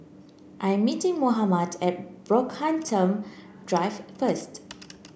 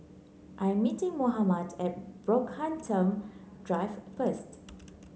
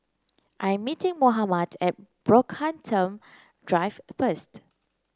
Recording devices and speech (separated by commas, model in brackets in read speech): boundary microphone (BM630), mobile phone (Samsung C9), close-talking microphone (WH30), read sentence